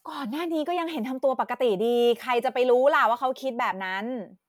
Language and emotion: Thai, frustrated